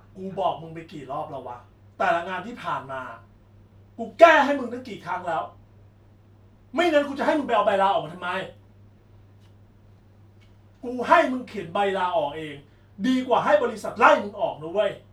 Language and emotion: Thai, angry